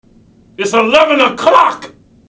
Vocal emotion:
angry